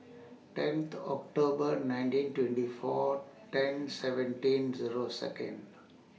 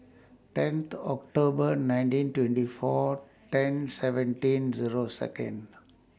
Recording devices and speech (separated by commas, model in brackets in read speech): mobile phone (iPhone 6), standing microphone (AKG C214), read sentence